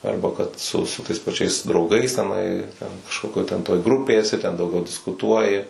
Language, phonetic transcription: Lithuanian, ˈarba kad su su tais paˈčiais drauˈgais teˈnai ten kažˈkokioj ten toj ˈgrupėj eˈsi ten dauˈgiau diskuˈtuoji

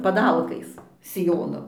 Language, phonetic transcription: Lithuanian, paˈdalkais siˈjono

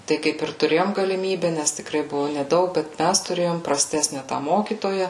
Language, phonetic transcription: Lithuanian, tai ˈkaip ir tuˈrėjom galiˈmybe nes tikˈrai ˈbuvu neˈdaug bet ˈmæs tuˈrėjom praˈstesne tą ˈmokytoja

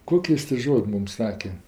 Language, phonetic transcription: Lithuanian, ˈkoki ˈjis ti ˈžod' ˈmum ˈsake

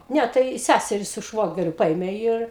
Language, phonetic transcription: Lithuanian, ˈne tai ˈsæseri su ˈšvogeriu ˈpaėmė ir

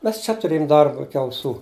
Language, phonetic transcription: Lithuanian, ˈmes čia tuˈrėjum ˈdarba ˈiki auˈsų

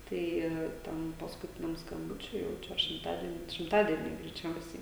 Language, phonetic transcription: Lithuanian, ˈtai ˈten paskuˈtiniam skamˈbučiui jau ˈčia ar šimˈtadieniui šimˈtadieniui greiˈčiausiai

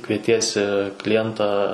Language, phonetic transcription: Lithuanian, kvieˈtiesi kliˈjentą

